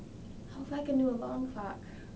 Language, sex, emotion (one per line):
English
female
sad